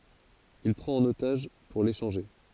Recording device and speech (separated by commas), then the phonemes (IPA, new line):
forehead accelerometer, read sentence
il pʁɑ̃t œ̃n otaʒ puʁ leʃɑ̃ʒe